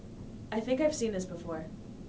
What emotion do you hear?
neutral